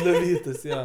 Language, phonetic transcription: Lithuanian, nuˈvytus ˈjo

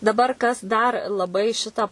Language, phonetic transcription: Lithuanian, daˈbar kas dar laˈbai ˈšitą

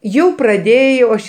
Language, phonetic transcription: Lithuanian, ˈjau praˈdėjau ˈaš

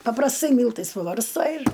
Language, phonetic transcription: Lithuanian, paprasˈtai ˈmyltais pabarsˈtai ir

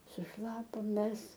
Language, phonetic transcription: Lithuanian, suˈšlapom ˈmes

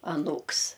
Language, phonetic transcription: Lithuanian, aˈnūks

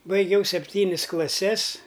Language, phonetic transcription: Lithuanian, baiˈgiau sepˈtynis klaˈses

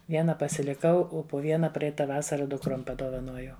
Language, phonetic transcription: Lithuanian, ˈviena pasiliˈkau ˈo po ˈviena ˈpreita ˈvasara dukˈrom padovaˈnojau

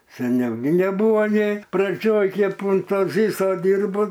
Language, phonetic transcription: Lithuanian, seˈniau gi neˈbūva nė praˈdžioj ˈkep un ˈto ˈvyso ˈdyrbu

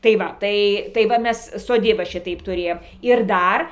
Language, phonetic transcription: Lithuanian, tai ˈva ˈtai tai ˈva ˈmes soˈdyba ˈšitaip tuˈrėjom ir ˈdar

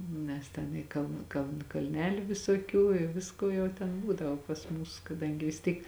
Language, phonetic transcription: Lithuanian, ˈnes ten į ˈkaln kaln kalˈneliu visoˈkių i ˈvisko ˈjau ten ˈbūdavo pas ˈmūs kaˈdangi vis ˈtyk

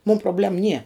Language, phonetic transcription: Lithuanian, mūm proˈblem nie

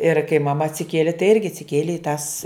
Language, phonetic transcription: Lithuanian, ir kai maˈma atsiˈkieli tai ˈirgi atsiˈkielė i tas

